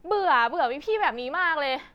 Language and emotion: Thai, frustrated